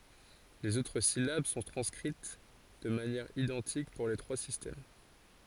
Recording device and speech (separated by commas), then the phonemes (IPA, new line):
forehead accelerometer, read sentence
lez otʁ silab sɔ̃ tʁɑ̃skʁit də manjɛʁ idɑ̃tik puʁ le tʁwa sistɛm